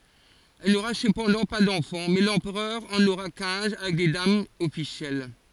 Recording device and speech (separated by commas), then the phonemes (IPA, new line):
forehead accelerometer, read sentence
ɛl noʁa səpɑ̃dɑ̃ pa dɑ̃fɑ̃ mɛ lɑ̃pʁœʁ ɑ̃n oʁa kɛ̃z avɛk de damz ɔfisjɛl